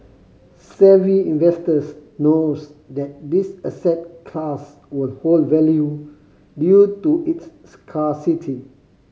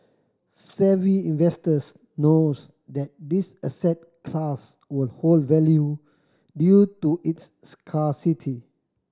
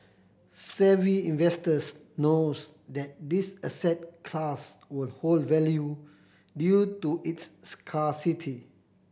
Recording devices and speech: mobile phone (Samsung C5010), standing microphone (AKG C214), boundary microphone (BM630), read sentence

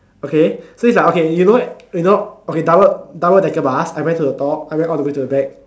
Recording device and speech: standing microphone, conversation in separate rooms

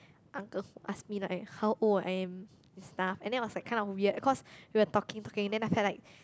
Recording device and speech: close-talking microphone, conversation in the same room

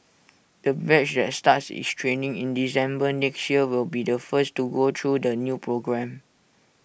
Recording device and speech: boundary microphone (BM630), read sentence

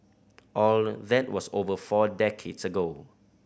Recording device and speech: boundary microphone (BM630), read sentence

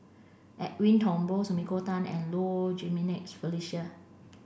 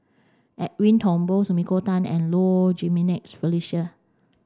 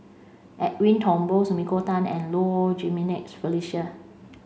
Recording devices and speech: boundary microphone (BM630), standing microphone (AKG C214), mobile phone (Samsung C5), read sentence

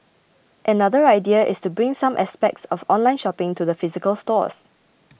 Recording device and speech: boundary microphone (BM630), read sentence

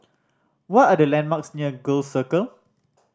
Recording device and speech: standing microphone (AKG C214), read sentence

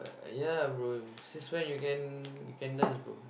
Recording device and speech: boundary microphone, conversation in the same room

